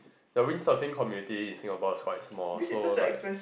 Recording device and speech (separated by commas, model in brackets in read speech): boundary microphone, conversation in the same room